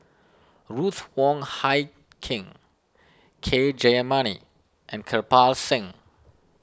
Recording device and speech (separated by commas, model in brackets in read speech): standing microphone (AKG C214), read sentence